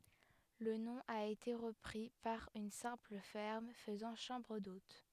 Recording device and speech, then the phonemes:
headset microphone, read sentence
lə nɔ̃ a ete ʁəpʁi paʁ yn sɛ̃pl fɛʁm fəzɑ̃ ʃɑ̃bʁ dot

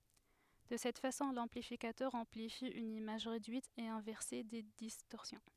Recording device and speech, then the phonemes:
headset microphone, read sentence
də sɛt fasɔ̃ lɑ̃plifikatœʁ ɑ̃plifi yn imaʒ ʁedyit e ɛ̃vɛʁse de distɔʁsjɔ̃

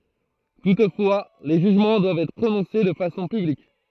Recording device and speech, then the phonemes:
throat microphone, read sentence
tutfwa le ʒyʒmɑ̃ dwavt ɛtʁ pʁonɔ̃se də fasɔ̃ pyblik

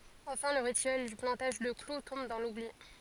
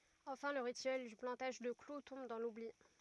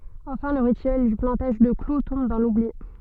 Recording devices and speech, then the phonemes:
forehead accelerometer, rigid in-ear microphone, soft in-ear microphone, read sentence
ɑ̃fɛ̃ lə ʁityɛl dy plɑ̃taʒ də klu tɔ̃b dɑ̃ lubli

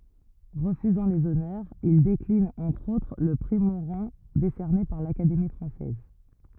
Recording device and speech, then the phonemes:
rigid in-ear microphone, read sentence
ʁəfyzɑ̃ lez ɔnœʁz il deklin ɑ̃tʁ otʁ lə pʁi moʁɑ̃ desɛʁne paʁ lakademi fʁɑ̃sɛz

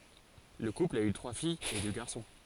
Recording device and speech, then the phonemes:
forehead accelerometer, read sentence
lə kupl a y tʁwa fijz e dø ɡaʁsɔ̃

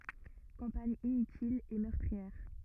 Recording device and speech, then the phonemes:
rigid in-ear microphone, read sentence
kɑ̃paɲ inytil e mœʁtʁiɛʁ

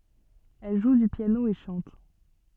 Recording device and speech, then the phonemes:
soft in-ear microphone, read sentence
ɛl ʒu dy pjano e ʃɑ̃t

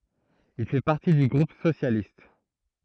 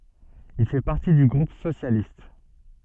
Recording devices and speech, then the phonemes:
throat microphone, soft in-ear microphone, read sentence
il fɛ paʁti dy ɡʁup sosjalist

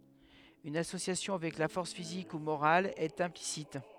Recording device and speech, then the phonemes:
headset microphone, read sentence
yn asosjasjɔ̃ avɛk la fɔʁs fizik u moʁal ɛt ɛ̃plisit

